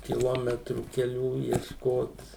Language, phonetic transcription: Lithuanian, kiˈlometrų keˈlių iešˈkot

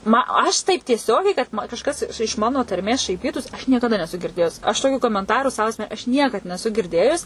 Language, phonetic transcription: Lithuanian, ˈma ˈaš taip tieˈsiogiai kad ma kažˈkas iš ˈmano tarˈmės šaiˈpytųs aš niekaˈda neˈsu girˈdėjus aš toˈkių komenˈtarų sau asˈme aš ˈniekad neˈsu girˈdėjus

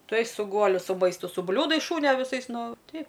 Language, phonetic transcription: Lithuanian, ˈtuoj su ˈguoliu su ˈmaistu su ˈbliūdais ˈšūnio viˈsais ˈnu ˈteip

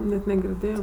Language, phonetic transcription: Lithuanian, net negirˈdėjo

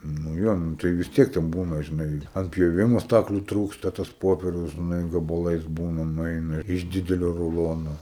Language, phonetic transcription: Lithuanian, nu ˈjo ˈnū tai vis ˈtiek ten ˈbūna žiˈnai ant pjoˈvimo ˈstakliu ˈtrūksta tas ˈpoperius žiˈnai gabaˈlais ˈbūna nuˈeina iš ˈdidelio ruˈlono

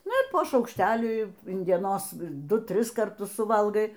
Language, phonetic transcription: Lithuanian, ˈnu i po šaukšˈtelį in dieˈnos ˈdu ˈtris karˈtus suˈvalgai

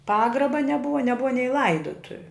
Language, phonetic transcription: Lithuanian, ˈpagraba neˈbuva neˈbuva nei ˈlaidutuviu

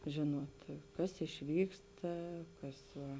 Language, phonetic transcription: Lithuanian, ˈžėnuot ˈkas išˈvyksta ˈkas ˈva

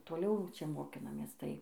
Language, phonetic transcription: Lithuanian, toˈliau ˈčia moˈkinamės ˈtai

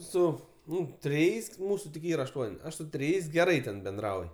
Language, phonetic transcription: Lithuanian, ˈsu ˈnu triˈjais ˈmūsu tik ˈyra ašˈtuon' ˈaš su triˈjais geˈrai ten benˈdrauj

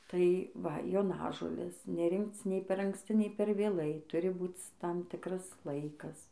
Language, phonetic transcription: Lithuanian, tai ˈva joˈnažolės neˈrinkc nei per anksˈci nei per vėˈlai ˈturi ˈbūc ˈtam ˈtikras ˈlaikas

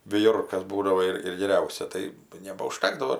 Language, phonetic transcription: Lithuanian, viˈjurkas ˈbūdavo ir ir geˈriausia ˈtai nebauˈžtekdavo

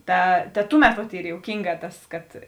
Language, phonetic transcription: Lithuanian, ˈta ta ˈtuˌmet vat ˈyr jouˈkynˌgā ˈtas kad

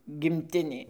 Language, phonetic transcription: Lithuanian, gimˈtinė

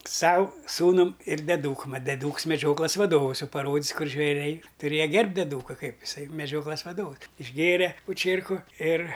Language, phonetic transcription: Lithuanian, ˈsau ˈsūnam ir deˈdūkum ˈmat deˈduks meˈdžioklas vaˈdovəs ˈjau paˈrodis ˈkur žveˈriai tuˈrėja ˈgerbt' deˈdūka ˈkaip iˈsai meˈdžioklas vaˈdovus išˈgėre po ˈčierku ir

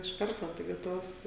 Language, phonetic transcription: Lithuanian, iš ˈkarto taiˈgi ˈtos

